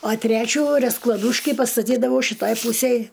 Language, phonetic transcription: Lithuanian, a ˈtrečių resklaˈdūški pastaˈtydavau šiˈtaj ˈpūsej

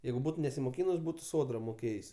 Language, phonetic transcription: Lithuanian, ˈjeigu ˈbūt nesimoˈkynus ˈbūtu ˈsodra moˈkėjs'

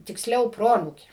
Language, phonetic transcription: Lithuanian, tiksˈliau ˈproanūkė

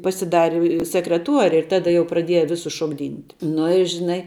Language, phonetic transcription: Lithuanian, pasiˈdari sekreˈtuori ir ˈtada jau praˈdieja ˈvisus šokˈdynt' ˈnu i žiˈnai

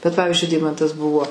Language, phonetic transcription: Lithuanian, bet ˈpavizdžiui ˈdeimantas ˈbuvo

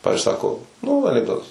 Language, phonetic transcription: Lithuanian, ˈpavizdžiui ˈsako nū anikˈdotas

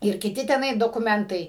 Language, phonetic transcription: Lithuanian, ir kiˈti teˈnai dokuˈmentai

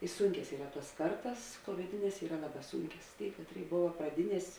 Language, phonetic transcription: Lithuanian, i ˈsūnkias ˈyra ˈtuos ˈkartas tuomeˈtines ˈyra ˈlaˌbā ˈsūnkias ˈtėi ˈkatˌrėi ˈbova praˈdiˌnies'

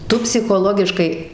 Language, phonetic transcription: Lithuanian, ˈtu psichoˈlogiškai

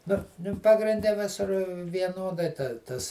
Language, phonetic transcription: Lithuanian, nu ˈnu pagrinˈde ˈvisur vieˈnodai ˈtas

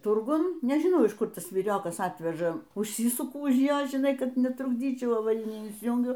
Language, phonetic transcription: Lithuanian, ˈturgun nežiˈnau iš ˈkur ˈtas vyˈriokas ˈatveža užˈsysuku už ˈjo žiˈnai ˈkad netrukˈdyčiau avaˈrinį insiˈjūngiu

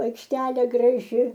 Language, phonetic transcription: Lithuanian, aikšˈtelė graˈži

